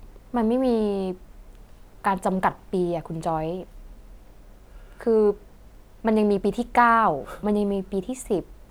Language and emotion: Thai, neutral